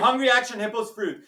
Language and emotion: English, fearful